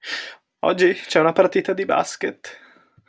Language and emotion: Italian, fearful